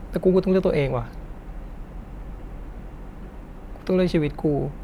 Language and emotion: Thai, sad